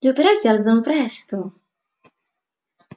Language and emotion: Italian, surprised